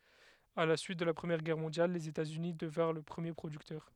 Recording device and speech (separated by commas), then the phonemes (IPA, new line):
headset microphone, read sentence
a la syit də la pʁəmjɛʁ ɡɛʁ mɔ̃djal lez etaz yni dəvɛ̃ʁ lə pʁəmje pʁodyktœʁ